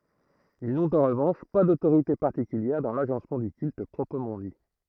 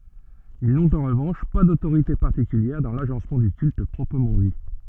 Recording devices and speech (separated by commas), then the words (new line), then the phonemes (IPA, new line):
throat microphone, soft in-ear microphone, read sentence
Ils n’ont en revanche pas d’autorité particulière dans l’agencement du culte proprement dit.
il nɔ̃t ɑ̃ ʁəvɑ̃ʃ pa dotoʁite paʁtikyljɛʁ dɑ̃ laʒɑ̃smɑ̃ dy kylt pʁɔpʁəmɑ̃ di